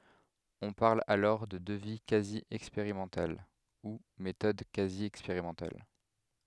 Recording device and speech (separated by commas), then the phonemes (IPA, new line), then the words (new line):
headset microphone, read sentence
ɔ̃ paʁl alɔʁ də dəvi kazi ɛkspeʁimɑ̃tal u metɔd kazi ɛkspeʁimɑ̃tal
On parle alors de devis quasi expérimental ou méthode quasi expérimentale.